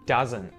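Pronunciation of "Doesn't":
In 'doesn't', the t after the n at the end is muted.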